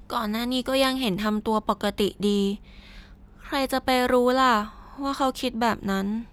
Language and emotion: Thai, neutral